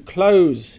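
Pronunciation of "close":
'Close' is said as the verb, with a z sound.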